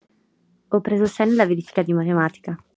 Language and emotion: Italian, neutral